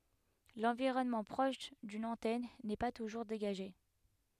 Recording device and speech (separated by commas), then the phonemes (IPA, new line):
headset microphone, read sentence
lɑ̃viʁɔnmɑ̃ pʁɔʃ dyn ɑ̃tɛn nɛ pa tuʒuʁ deɡaʒe